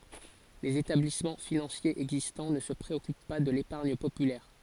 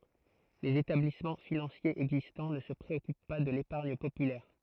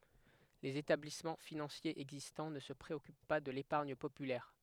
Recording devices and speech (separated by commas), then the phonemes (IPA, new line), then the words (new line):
forehead accelerometer, throat microphone, headset microphone, read sentence
lez etablismɑ̃ finɑ̃sjez ɛɡzistɑ̃ nə sə pʁeɔkyp pa də lepaʁɲ popylɛʁ
Les établissements financiers existants ne se préoccupent pas de l'épargne populaire.